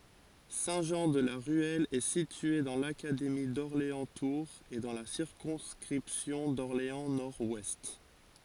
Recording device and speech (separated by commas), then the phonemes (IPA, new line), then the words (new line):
forehead accelerometer, read sentence
sɛ̃tʒɑ̃dlaʁyɛl ɛ sitye dɑ̃ lakademi dɔʁleɑ̃stuʁz e dɑ̃ la siʁkɔ̃skʁipsjɔ̃ dɔʁleɑ̃snɔʁdwɛst
Saint-Jean-de-la-Ruelle est situé dans l'académie d'Orléans-Tours et dans la circonscription d'Orléans-Nord-Ouest.